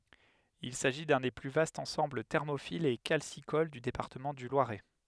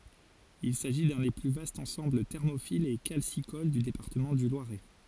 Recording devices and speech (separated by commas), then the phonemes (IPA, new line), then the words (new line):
headset microphone, forehead accelerometer, read sentence
il saʒi dœ̃ de ply vastz ɑ̃sɑ̃bl tɛʁmofilz e kalsikol dy depaʁtəmɑ̃ dy lwaʁɛ
Il s'agit d'un des plus vastes ensembles thermophiles et calcicoles du département du Loiret.